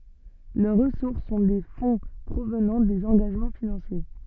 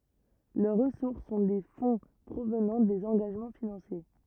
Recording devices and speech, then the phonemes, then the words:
soft in-ear microphone, rigid in-ear microphone, read sentence
lœʁ ʁəsuʁs sɔ̃ de fɔ̃ pʁovnɑ̃ dez ɑ̃ɡaʒmɑ̃ finɑ̃sje
Leurs ressources sont des fonds provenant des engagements financiers.

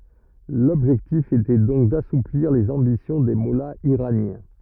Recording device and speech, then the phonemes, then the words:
rigid in-ear microphone, read sentence
lɔbʒɛktif etɛ dɔ̃k dasupliʁ lez ɑ̃bisjɔ̃ de mɔlaz iʁanjɛ̃
L’objectif était donc d’assouplir les ambitions des mollahs iraniens.

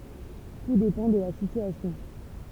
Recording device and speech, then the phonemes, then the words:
temple vibration pickup, read sentence
tu depɑ̃ də la sityasjɔ̃
Tout dépend de la situation.

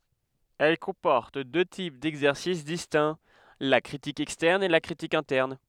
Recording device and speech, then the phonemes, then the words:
headset microphone, read sentence
ɛl kɔ̃pɔʁt dø tip dɛɡzɛʁsis distɛ̃ la kʁitik ɛkstɛʁn e la kʁitik ɛ̃tɛʁn
Elle comporte deux types d'exercices distincts, la critique externe et la critique interne.

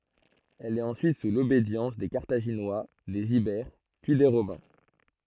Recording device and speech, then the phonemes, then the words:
throat microphone, read sentence
ɛl ɛt ɑ̃syit su lobedjɑ̃s de kaʁtaʒinwa dez ibɛʁ pyi de ʁomɛ̃
Elle est ensuite sous l'obédience des Carthaginois, des Ibères, puis des Romains.

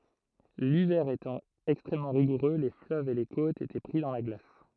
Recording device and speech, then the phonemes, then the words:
throat microphone, read sentence
livɛʁ etɑ̃ ɛkstʁɛmmɑ̃ ʁiɡuʁø le fløvz e le kotz etɛ pʁi dɑ̃ la ɡlas
L'hiver étant extrêmement rigoureux, les fleuves et les côtes étaient pris dans la glace.

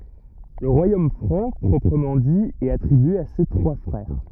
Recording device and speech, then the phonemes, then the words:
rigid in-ear microphone, read sentence
lə ʁwajom fʁɑ̃ pʁɔpʁəmɑ̃ di ɛt atʁibye a se tʁwa fʁɛʁ
Le Royaume franc proprement dit est attribué à ses trois frères.

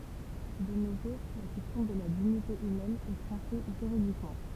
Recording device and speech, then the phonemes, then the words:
temple vibration pickup, read sentence
də no ʒuʁ la kɛstjɔ̃ də la diɲite ymɛn ɛ tʁɑ̃ʃe ʒyʁidikmɑ̃
De nos jours la question de la dignité humaine est tranchée juridiquement.

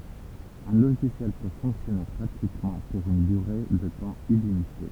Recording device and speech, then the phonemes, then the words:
temple vibration pickup, read sentence
œ̃ loʒisjɛl pø fɔ̃ksjɔne ɡʁatyitmɑ̃ puʁ yn dyʁe də tɑ̃ ilimite
Un logiciel peut fonctionner gratuitement pour une durée de temps illimité.

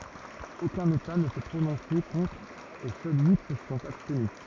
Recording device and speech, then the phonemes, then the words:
rigid in-ear microphone, read sentence
okœ̃n eta nə sɛ pʁonɔ̃se kɔ̃tʁ e sœl yi sə sɔ̃t abstny
Aucun État ne s'est prononcé contre et seuls huit se sont abstenus.

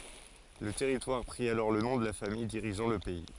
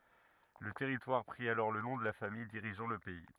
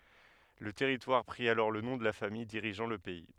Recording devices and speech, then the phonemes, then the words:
forehead accelerometer, rigid in-ear microphone, headset microphone, read sentence
lə tɛʁitwaʁ pʁi alɔʁ lə nɔ̃ də la famij diʁiʒɑ̃ lə pɛi
Le territoire prit alors le nom de la famille dirigeant le pays.

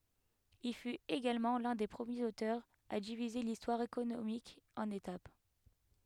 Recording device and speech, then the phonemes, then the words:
headset microphone, read sentence
il fyt eɡalmɑ̃ lœ̃ de pʁəmjez otœʁz a divize listwaʁ ekonomik ɑ̃n etap
Il fut également l’un des premiers auteurs à diviser l’histoire économique en étapes.

